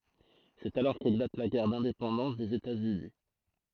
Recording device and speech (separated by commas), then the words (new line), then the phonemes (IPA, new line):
throat microphone, read sentence
C'est alors qu'éclate la guerre d'indépendance des États-Unis.
sɛt alɔʁ keklat la ɡɛʁ dɛ̃depɑ̃dɑ̃s dez etatsyni